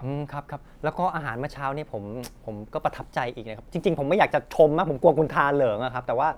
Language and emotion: Thai, happy